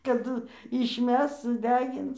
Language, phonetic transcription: Lithuanian, kaˈdu išˈmes suˈdegins

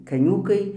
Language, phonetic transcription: Lithuanian, kaˈniūkai

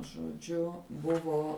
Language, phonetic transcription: Lithuanian, žoˈdžiu ˈbuvo

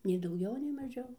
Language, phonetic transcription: Lithuanian, nei dauˈgiau nei maˈžiau

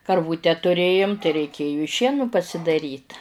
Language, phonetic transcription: Lithuanian, karˈvūte tuˈrėjum tai reiˈkėju i ˈšienu pasidaˈryt

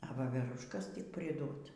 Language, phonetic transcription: Lithuanian, a ˈvaveruškas tik priˈdot

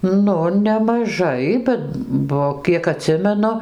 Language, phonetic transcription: Lithuanian, ˈnu nemaˈžai buvo ˈbet ˈbuo ˈkiek aˈtsimenu

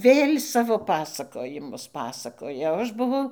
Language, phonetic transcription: Lithuanian, ˈvėl' ˈsavo ˈpasakojimus ˈpasakoja o ˈaš buˈvau

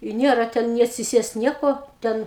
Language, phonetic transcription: Lithuanian, i ˈniera ˈten ni atsiˈsiest ˈnieko ˈten

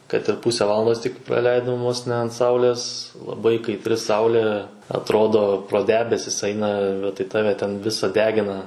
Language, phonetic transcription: Lithuanian, kad ir ˈpuse ˈvalandos tik praˈleidom vos ne ant ˈsaulės laˈbai kaitˈri ˈsaulė atˈrodo pro ˈdebesis ˈaina bet tai ˈtave ten ˈvisa ˈdegina

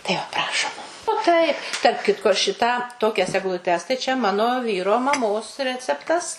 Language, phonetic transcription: Lithuanian, tai ˈva ˈprašom o ˈtaip tarp ˈkitko ˈšitą ˈtokias egluˈtes tai čia ˈmano ˈvyro maˈmos ˈreceptas

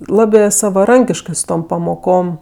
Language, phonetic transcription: Lithuanian, ˈlabė savaˈrankiškɜ su ˈtom pamoˈkom

